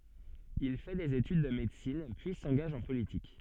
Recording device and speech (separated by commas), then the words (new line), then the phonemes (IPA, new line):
soft in-ear microphone, read sentence
Il fait des études de médecine, puis s'engage en politique.
il fɛ dez etyd də medəsin pyi sɑ̃ɡaʒ ɑ̃ politik